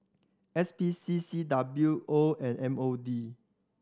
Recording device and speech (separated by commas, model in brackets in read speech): standing microphone (AKG C214), read sentence